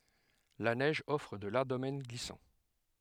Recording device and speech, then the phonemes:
headset microphone, read sentence
la nɛʒ ɔfʁ də laʁʒ domɛn ɡlisɑ̃

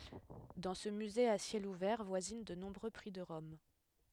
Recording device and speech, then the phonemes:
headset microphone, read sentence
dɑ̃ sə myze a sjɛl uvɛʁ vwazin də nɔ̃bʁø pʁi də ʁɔm

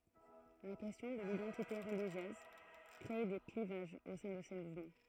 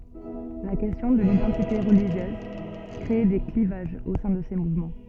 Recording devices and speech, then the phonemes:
throat microphone, soft in-ear microphone, read sentence
la kɛstjɔ̃ də lidɑ̃tite ʁəliʒjøz kʁe de klivaʒz o sɛ̃ də se muvmɑ̃

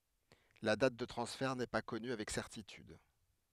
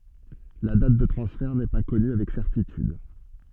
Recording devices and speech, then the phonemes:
headset microphone, soft in-ear microphone, read sentence
la dat də tʁɑ̃sfɛʁ nɛ pa kɔny avɛk sɛʁtityd

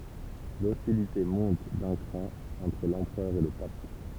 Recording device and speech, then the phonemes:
temple vibration pickup, read sentence
lɔstilite mɔ̃t dœ̃ kʁɑ̃ ɑ̃tʁ lɑ̃pʁœʁ e lə pap

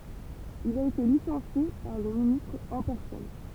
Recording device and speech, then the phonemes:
temple vibration pickup, read sentence
il a ete lisɑ̃sje paʁ lə ministʁ ɑ̃ pɛʁsɔn

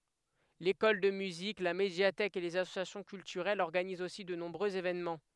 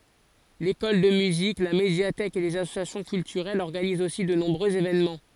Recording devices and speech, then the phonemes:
headset microphone, forehead accelerometer, read sentence
lekɔl də myzik la medjatɛk e lez asosjasjɔ̃ kyltyʁɛlz ɔʁɡanizt osi də nɔ̃bʁøz evenmɑ̃

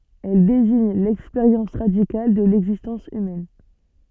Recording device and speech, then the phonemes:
soft in-ear microphone, read sentence
ɛl deziɲ lɛkspeʁjɑ̃s ʁadikal də lɛɡzistɑ̃s ymɛn

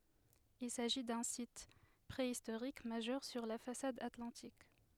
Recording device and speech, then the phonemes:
headset microphone, read sentence
il saʒi dœ̃ sit pʁeistoʁik maʒœʁ syʁ la fasad atlɑ̃tik

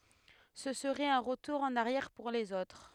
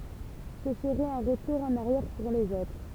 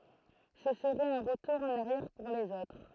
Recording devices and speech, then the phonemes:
headset microphone, temple vibration pickup, throat microphone, read sentence
sə səʁɛt œ̃ ʁətuʁ ɑ̃n aʁjɛʁ puʁ lez otʁ

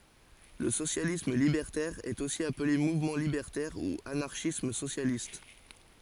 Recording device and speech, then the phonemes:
forehead accelerometer, read sentence
lə sosjalism libɛʁtɛʁ ɛt osi aple muvmɑ̃ libɛʁtɛʁ u anaʁʃism sosjalist

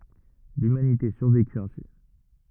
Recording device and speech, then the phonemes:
rigid in-ear microphone, read sentence
lymanite syʁvekyt ɛ̃si

